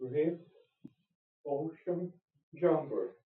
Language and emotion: English, fearful